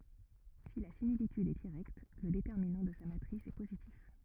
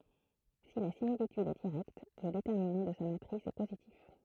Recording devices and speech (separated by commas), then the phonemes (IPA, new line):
rigid in-ear microphone, throat microphone, read sentence
si la similityd ɛ diʁɛkt lə detɛʁminɑ̃ də sa matʁis ɛ pozitif